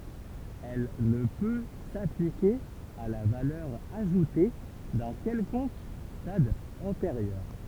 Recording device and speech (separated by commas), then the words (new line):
temple vibration pickup, read sentence
Elle ne peut s'appliquer à la valeur ajoutée d'un quelconque stade antérieur.